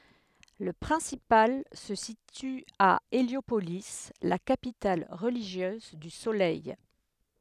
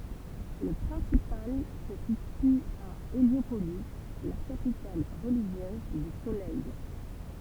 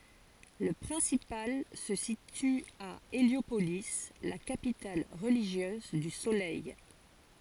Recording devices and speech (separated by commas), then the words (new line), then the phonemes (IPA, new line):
headset microphone, temple vibration pickup, forehead accelerometer, read sentence
Le principal se situe à Héliopolis, la capitale religieuse du Soleil.
lə pʁɛ̃sipal sə sity a eljopoli la kapital ʁəliʒjøz dy solɛj